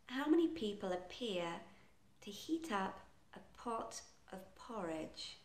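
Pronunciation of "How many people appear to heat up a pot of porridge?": The whole sentence is said quite slowly.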